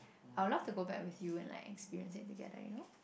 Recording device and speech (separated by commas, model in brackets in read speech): boundary microphone, conversation in the same room